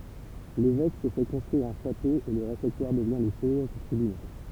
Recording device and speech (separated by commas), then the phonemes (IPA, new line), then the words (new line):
temple vibration pickup, read sentence
levɛk sə fɛ kɔ̃stʁyiʁ œ̃ ʃato e lə ʁefɛktwaʁ dəvjɛ̃ lə sjɛʒ dy tʁibynal
L'évêque se fait construire un château et le réfectoire devient le siège du tribunal.